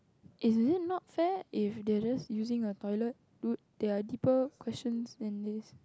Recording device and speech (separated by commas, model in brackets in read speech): close-talking microphone, conversation in the same room